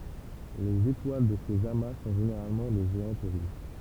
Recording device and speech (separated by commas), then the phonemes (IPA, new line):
temple vibration pickup, read sentence
lez etwal də sez ama sɔ̃ ʒeneʁalmɑ̃ de ʒeɑ̃t ʁuʒ